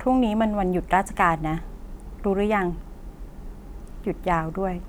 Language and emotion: Thai, neutral